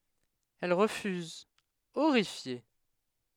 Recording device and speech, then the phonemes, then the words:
headset microphone, read sentence
ɛl ʁəfyz oʁifje
Elle refuse, horrifiée.

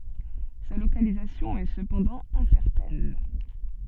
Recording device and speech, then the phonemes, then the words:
soft in-ear microphone, read sentence
sa lokalizasjɔ̃ ɛ səpɑ̃dɑ̃ ɛ̃sɛʁtɛn
Sa localisation est cependant incertaine.

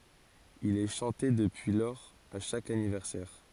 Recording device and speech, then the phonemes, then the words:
forehead accelerometer, read sentence
il ɛ ʃɑ̃te dəpyi lɔʁz a ʃak anivɛʁsɛʁ
Il est chanté depuis lors à chaque anniversaire.

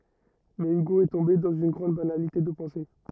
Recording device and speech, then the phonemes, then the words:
rigid in-ear microphone, read sentence
mɛ yɡo ɛ tɔ̃be dɑ̃z yn ɡʁɑ̃d banalite də pɑ̃se
Mais Hugo est tombé dans une grande banalité de pensée.

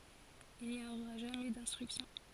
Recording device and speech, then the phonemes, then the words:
forehead accelerometer, read sentence
il ni oʁa ʒamɛ dɛ̃stʁyksjɔ̃
Il n'y aura jamais d'instruction.

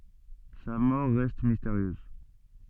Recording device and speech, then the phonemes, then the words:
soft in-ear microphone, read sentence
sa mɔʁ ʁɛst misteʁjøz
Sa mort reste mystérieuse.

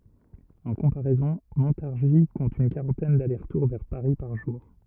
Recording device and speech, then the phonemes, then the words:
rigid in-ear microphone, read sentence
ɑ̃ kɔ̃paʁɛzɔ̃ mɔ̃taʁʒi kɔ̃t yn kaʁɑ̃tɛn dalɛʁsʁtuʁ vɛʁ paʁi paʁ ʒuʁ
En comparaison, Montargis compte une quarantaine d’allers-retours vers Paris par jour.

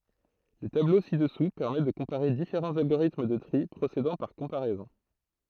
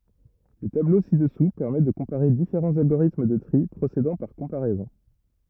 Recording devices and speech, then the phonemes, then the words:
throat microphone, rigid in-ear microphone, read sentence
lə tablo si dəsu pɛʁmɛ də kɔ̃paʁe difeʁɑ̃z alɡoʁitm də tʁi pʁosedɑ̃ paʁ kɔ̃paʁɛzɔ̃
Le tableau ci-dessous permet de comparer différents algorithmes de tri procédant par comparaisons.

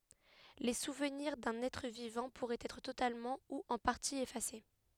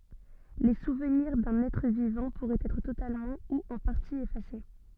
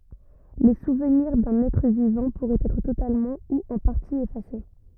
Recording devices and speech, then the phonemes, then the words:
headset microphone, soft in-ear microphone, rigid in-ear microphone, read sentence
le suvniʁ dœ̃n ɛtʁ vivɑ̃ puʁɛt ɛtʁ totalmɑ̃ u ɑ̃ paʁti efase
Les souvenirs d'un être vivant pourraient être totalement ou en partie effacés.

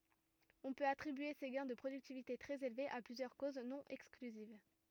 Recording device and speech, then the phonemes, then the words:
rigid in-ear microphone, read sentence
ɔ̃ pøt atʁibye se ɡɛ̃ də pʁodyktivite tʁɛz elvez a plyzjœʁ koz nɔ̃ ɛksklyziv
On peut attribuer ces gains de productivité très élevés à plusieurs causes, non exclusives.

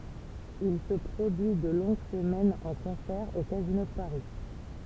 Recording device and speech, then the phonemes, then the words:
temple vibration pickup, read sentence
il sə pʁodyi də lɔ̃ɡ səmɛnz ɑ̃ kɔ̃sɛʁ o kazino də paʁi
Il se produit de longues semaines en concert au Casino de Paris.

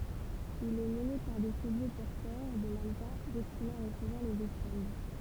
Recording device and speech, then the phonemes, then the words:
temple vibration pickup, read sentence
il ɛ məne paʁ de ʃəvo pɔʁtœʁ də manəkɛ̃ dɛstinez a ʁəsəvwaʁ lez ɔfʁɑ̃d
Il est mené par des chevaux porteurs de mannequins destinés à recevoir les offrandes.

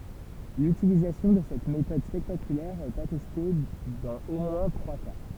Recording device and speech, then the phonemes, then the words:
temple vibration pickup, read sentence
lytilizasjɔ̃ də sɛt metɔd spɛktakylɛʁ ɛt atɛste dɑ̃z o mwɛ̃ tʁwa ka
L'utilisation de cette méthode spectaculaire est attestée dans au moins trois cas.

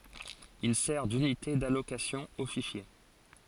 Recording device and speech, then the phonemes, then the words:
forehead accelerometer, read sentence
il sɛʁ dynite dalokasjɔ̃ o fiʃje
Il sert d'unité d'allocation aux fichiers.

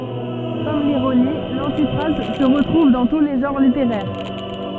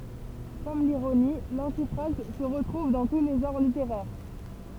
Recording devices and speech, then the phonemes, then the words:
soft in-ear microphone, temple vibration pickup, read sentence
kɔm liʁoni lɑ̃tifʁaz sə ʁətʁuv dɑ̃ tu le ʒɑ̃ʁ liteʁɛʁ
Comme l'ironie, l'antiphrase se retrouve dans tous les genres littéraires.

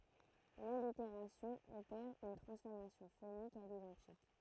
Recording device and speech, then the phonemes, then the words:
throat microphone, read sentence
laliteʁasjɔ̃ opɛʁ yn tʁɑ̃sfɔʁmasjɔ̃ fonik a lidɑ̃tik
L'allitération opère une transformation phonique à l'identique.

